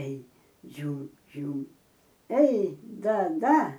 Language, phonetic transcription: Lithuanian, ei ˈdžiūm ˈdžiūm ei ˈda ˈda

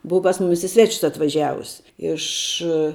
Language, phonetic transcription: Lithuanian, ˈbuva pas ˈmumis i ˈsvečius atvaˈžiavus ˈiš

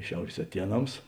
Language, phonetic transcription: Lithuanian, ˈšiaurės aˈtieˌnams

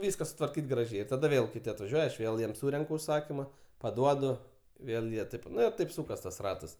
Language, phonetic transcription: Lithuanian, ˈvyska sutvarˈkyt graˈžiai ir taˈda ˈvėl kiˈti atvaˈžiuoja aš ˈvėl ˈjiem ˈsūrenku užˈsakyma paˈduodu ˈvėl jie ˈtaip ˈnu i ˈtaip ˈsūkas tas ˈratas

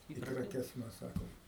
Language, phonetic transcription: Lithuanian, i kraˈkes ˈmes ˈsakom

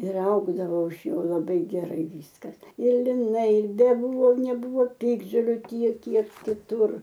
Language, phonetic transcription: Lithuanian, ir ˈaugdavo iš ˈjo laˈbai geˈrai ˈvyskas ir liˈnai ir beˈbūvo neˈbūvo ˈpiktžoliu ˈtiek ˈkiek kiˈtur

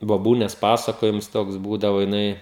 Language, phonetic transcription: Lithuanian, boˈbūnėsˈ pasakojims ˈtoks ˈbūdavo jiˈnai

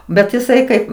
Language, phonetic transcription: Lithuanian, bet iˈsai ˈkaip

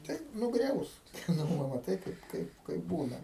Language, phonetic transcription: Lithuanian, tai nuˈgriaus nu ˈva maˈtai ˈkaip ˈkaip ˈkaip ˈbūna

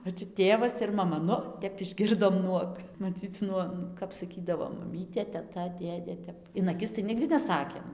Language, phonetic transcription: Lithuanian, o čia ˈtėvas ir maˈma ˈnu ˈtep išˈgirdom ˈnuog maˈcyc ˈnuo kap saˈkydavo maˈmytė teˈta ˈdėdė ˈtep in aˈkis tai ˈnigdi neˈsakėm

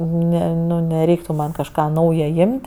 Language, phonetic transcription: Lithuanian, ˈne ˈnu neˈreiktu man kažˈką ˈnauja ˈjimt'

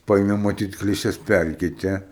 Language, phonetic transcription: Lithuanian, ˈpaėmė maˈtyt kliˈšes ˈpærkeite

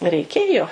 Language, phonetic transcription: Lithuanian, reiˈkėjo

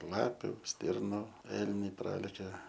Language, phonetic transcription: Lithuanian, ˈlapiu ˈstirnu ˈelniai ˈpralekia

